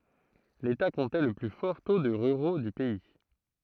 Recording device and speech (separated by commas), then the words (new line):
throat microphone, read sentence
L'État comptait le plus fort taux de ruraux du pays.